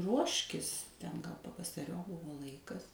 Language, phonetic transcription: Lithuanian, ˈruoškis ten gal pavasaˈriop ˈbuvo ˈlaikas

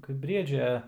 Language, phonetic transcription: Lithuanian, ˈkaip ˈbriedžia

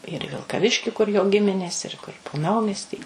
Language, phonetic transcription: Lithuanian, ir į vilkaˈviški kur jo ˈgiminės ir ˈkur po ˈnaumiestį

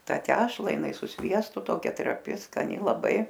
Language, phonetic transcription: Lithuanian, ˈtą ˈtešla jiˈnai su ˈsviestu ˈtokia traˈpi skaˈni laˈbai

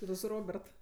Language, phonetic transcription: Lithuanian, ti ˈtu su ˈrobert

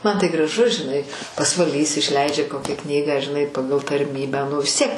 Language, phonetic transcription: Lithuanian, man tai graˈžu žiˈnai pasvaˈlys išˈleidžia ˈkokią ˈknygą žiˈnai ˈpagal tarˈmybę ˈnu vis ˈtiek

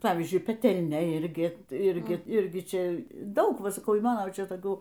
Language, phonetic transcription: Lithuanian, ˈpavyzdžiui peˈtelnia ˈirgi tai ˈirgi ˈirgi ˈčia ˈdaug ˈva saˈkau y ˈmano ˈčia toˈkių

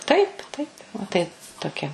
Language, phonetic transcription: Lithuanian, ˈtaip ˈtaip va tai toˈkia

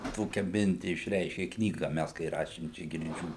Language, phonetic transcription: Lithuanian, ˈtokia ˈminti išˈreiškė ˈknyga ˈmæs kai ˈrašėm ˈčia girˈdžių

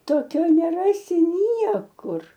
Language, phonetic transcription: Lithuanian, toˈkio neˈrasi ˈniekur

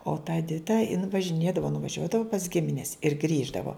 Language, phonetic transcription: Lithuanian, o ta eˈdita in važiˈnėdavo nuvaˈžiuodavu pas ˈgimines ir ˈgrįždavo

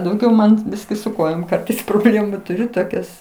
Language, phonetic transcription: Lithuanian, dauˈgiau man ˈbiski su ˈkojom ˈkartais proˈblėmu tuˈriu toˈkias

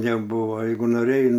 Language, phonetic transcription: Lithuanian, neˈbuvo ˈjeigu noˈrėjai

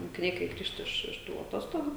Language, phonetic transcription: Lithuanian, mokiˈniai kai ˈgrįžt iš iš ˈtų aˈtostogu

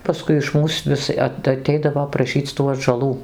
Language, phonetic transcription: Lithuanian, paˈskui iš ˈmūs ˈvis at aˈteidavo praˈšyc tų atžaˈlų

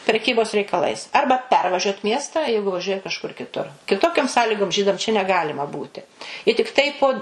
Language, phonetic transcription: Lithuanian, preˈkybos reikaˈlais ˈarba ˈpervažiuot ˈmiestą ˈjeigu vaˈžiuoja kažˈkur kiˈtur kiˈtokiom ˈsąlygom ˈžydam čia neˈgalima ˈbūti i tikˈtai po tiktai po

